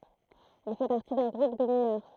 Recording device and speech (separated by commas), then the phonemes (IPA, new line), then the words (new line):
throat microphone, read sentence
il fɛ paʁti dœ̃ ɡʁup də minœʁ
Il fait partie d’un groupe de mineurs.